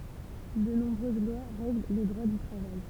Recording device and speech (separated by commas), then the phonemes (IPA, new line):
temple vibration pickup, read sentence
də nɔ̃bʁøz lwa ʁɛɡl lə dʁwa dy tʁavaj